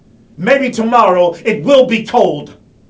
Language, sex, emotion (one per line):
English
male
angry